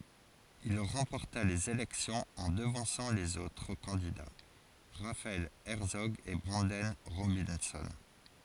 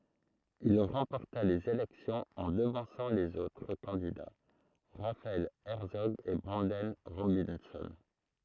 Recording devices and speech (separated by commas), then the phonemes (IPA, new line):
forehead accelerometer, throat microphone, read sentence
il ʁɑ̃pɔʁta lez elɛksjɔ̃z ɑ̃ dəvɑ̃sɑ̃ lez otʁ kɑ̃dida ʁafaɛl ɛʁtsɔɡ e bʁɑ̃dɛn ʁobɛ̃sɔ̃